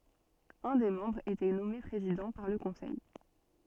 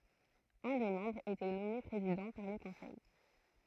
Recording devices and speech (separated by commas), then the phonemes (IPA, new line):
soft in-ear microphone, throat microphone, read sentence
œ̃ de mɑ̃bʁz etɛ nɔme pʁezidɑ̃ paʁ lə kɔ̃sɛj